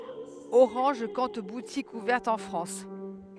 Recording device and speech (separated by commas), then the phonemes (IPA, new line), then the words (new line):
headset microphone, read sentence
oʁɑ̃ʒ kɔ̃t butikz uvɛʁtz ɑ̃ fʁɑ̃s
Orange compte boutiques ouvertes en France.